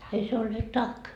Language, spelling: Finnish, ei se ole tack
- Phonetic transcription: ei se ole "tak .

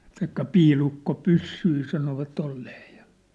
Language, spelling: Finnish, sanoi että piilukkopyssyjä sanovat olleen ja
- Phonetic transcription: san ‿ᵉt̆ta̳ 'piilukko'pyssyi sanova't ‿olleeʰ ja .

